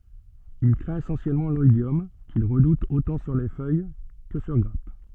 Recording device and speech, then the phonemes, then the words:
soft in-ear microphone, read sentence
il kʁɛ̃t esɑ̃sjɛlmɑ̃ lɔidjɔm kil ʁədut otɑ̃ syʁ fœj kə syʁ ɡʁap
Il craint essentiellement l'oïdium qu'il redoute autant sur feuille que sur grappe.

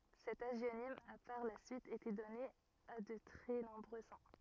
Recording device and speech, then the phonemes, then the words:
rigid in-ear microphone, read sentence
sɛt aʒjonim a paʁ la syit ete dɔne a də tʁɛ nɔ̃bʁø sɛ̃
Cet hagionyme a par la suite été donné à de très nombreux saints.

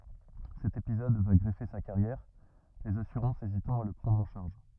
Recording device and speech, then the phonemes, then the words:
rigid in-ear microphone, read sentence
sɛt epizɔd va ɡʁəve sa kaʁjɛʁ lez asyʁɑ̃sz ezitɑ̃ a la pʁɑ̃dʁ ɑ̃ ʃaʁʒ
Cet épisode va grever sa carrière, les assurances hésitant à la prendre en charge.

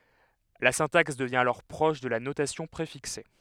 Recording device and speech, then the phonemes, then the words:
headset microphone, read sentence
la sɛ̃taks dəvjɛ̃ alɔʁ pʁɔʃ də la notasjɔ̃ pʁefikse
La syntaxe devient alors proche de la notation préfixée.

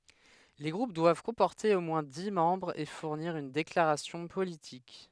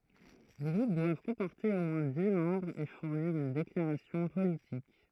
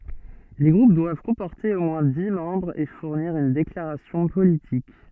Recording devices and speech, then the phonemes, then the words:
headset microphone, throat microphone, soft in-ear microphone, read sentence
le ɡʁup dwav kɔ̃pɔʁte o mwɛ̃ di mɑ̃bʁz e fuʁniʁ yn deklaʁasjɔ̃ politik
Les groupes doivent comporter au moins dix membres et fournir une déclaration politique.

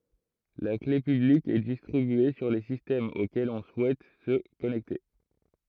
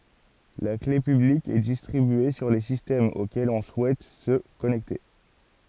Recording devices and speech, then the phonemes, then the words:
throat microphone, forehead accelerometer, read sentence
la kle pyblik ɛ distʁibye syʁ le sistɛmz okɛlz ɔ̃ suɛt sə kɔnɛkte
La clé publique est distribuée sur les systèmes auxquels on souhaite se connecter.

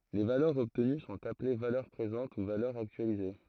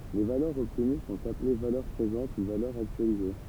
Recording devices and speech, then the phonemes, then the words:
throat microphone, temple vibration pickup, read sentence
le valœʁz ɔbtəny sɔ̃t aple valœʁ pʁezɑ̃t u valœʁz aktyalize
Les valeurs obtenues sont appelées valeurs présentes ou valeurs actualisées.

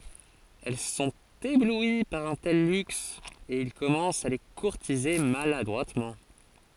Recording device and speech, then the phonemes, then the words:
forehead accelerometer, read sentence
ɛl sɔ̃t eblwi paʁ œ̃ tɛl lyks e il kɔmɑ̃st a le kuʁtize maladʁwatmɑ̃
Elles sont éblouies par un tel luxe, et ils commencent à les courtiser maladroitement.

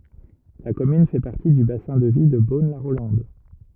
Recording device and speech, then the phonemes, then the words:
rigid in-ear microphone, read sentence
la kɔmyn fɛ paʁti dy basɛ̃ də vi də bonlaʁolɑ̃d
La commune fait partie du bassin de vie de Beaune-la-Rolande.

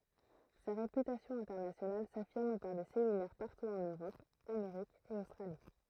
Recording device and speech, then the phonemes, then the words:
throat microphone, read sentence
sa ʁepytasjɔ̃ ɛ̃tɛʁnasjonal safiʁm paʁ de seminɛʁ paʁtu ɑ̃n øʁɔp ameʁik e ostʁali
Sa réputation internationale s’affirme par des séminaires partout en Europe, Amérique et Australie.

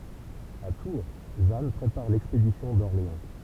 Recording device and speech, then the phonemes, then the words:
temple vibration pickup, read sentence
a tuʁ ʒan pʁepaʁ lɛkspedisjɔ̃ dɔʁleɑ̃
À Tours, Jeanne prépare l'expédition d'Orléans.

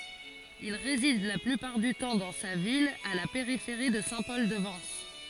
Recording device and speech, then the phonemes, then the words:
forehead accelerometer, read sentence
il ʁezid la plypaʁ dy tɑ̃ dɑ̃ sa vila a la peʁifeʁi də sɛ̃ pɔl də vɑ̃s
Il réside la plupart du temps dans sa villa à la périphérie de Saint-Paul-de-Vence.

